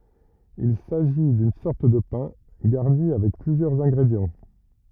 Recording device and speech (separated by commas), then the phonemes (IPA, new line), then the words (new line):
rigid in-ear microphone, read sentence
il saʒi dyn sɔʁt də pɛ̃ ɡaʁni avɛk plyzjœʁz ɛ̃ɡʁedjɑ̃
Il s'agit d'une sorte de pain, garni avec plusieurs ingrédients.